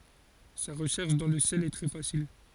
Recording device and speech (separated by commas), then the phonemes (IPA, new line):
forehead accelerometer, read sentence
sa ʁəʃɛʁʃ dɑ̃ lə sjɛl ɛ tʁɛ fasil